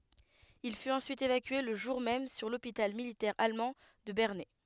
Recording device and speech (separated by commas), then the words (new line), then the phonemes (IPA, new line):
headset microphone, read sentence
Il fut ensuite évacué le jour même sur l'hôpital militaire allemand de Bernay.
il fyt ɑ̃syit evakye lə ʒuʁ mɛm syʁ lopital militɛʁ almɑ̃ də bɛʁnɛ